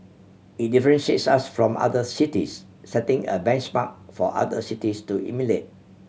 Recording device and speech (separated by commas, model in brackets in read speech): mobile phone (Samsung C7100), read sentence